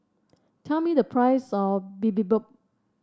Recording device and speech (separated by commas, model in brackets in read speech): standing microphone (AKG C214), read sentence